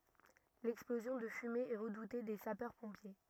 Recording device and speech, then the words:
rigid in-ear microphone, read sentence
L'explosion de fumées est redoutée des sapeurs-pompiers.

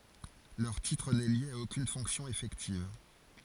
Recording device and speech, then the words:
forehead accelerometer, read sentence
Leur titre n'est lié à aucune fonction effective.

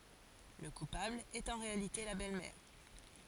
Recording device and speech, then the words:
forehead accelerometer, read sentence
Le coupable est en réalité la belle-mère.

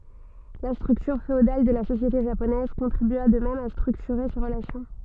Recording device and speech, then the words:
soft in-ear microphone, read sentence
La structure féodale de la société japonaise contribua de même à structurer ces relations.

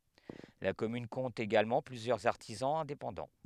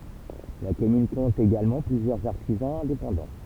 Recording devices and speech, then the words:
headset microphone, temple vibration pickup, read sentence
La commune compte également plusieurs artisans indépendants.

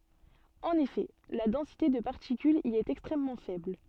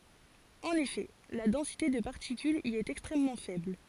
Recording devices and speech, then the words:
soft in-ear microphone, forehead accelerometer, read sentence
En effet, la densité de particules y est extrêmement faible.

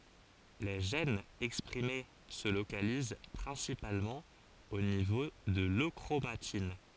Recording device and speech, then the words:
forehead accelerometer, read sentence
Les gènes exprimés se localisent principalement au niveau de l'euchromatine.

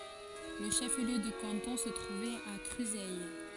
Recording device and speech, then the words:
forehead accelerometer, read sentence
Le chef-lieu de canton se trouvait à Cruseilles.

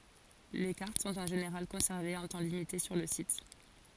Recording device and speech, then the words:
forehead accelerometer, read sentence
Les cartes sont en général conservées un temps limité sur le site.

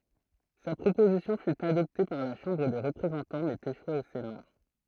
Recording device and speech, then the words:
throat microphone, read sentence
Sa proposition fut adoptée par la Chambre des représentants mais échoua au Sénat.

